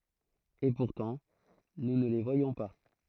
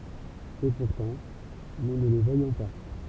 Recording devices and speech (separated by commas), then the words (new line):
throat microphone, temple vibration pickup, read sentence
Et pourtant, nous ne les voyons pas.